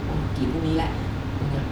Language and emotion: Thai, frustrated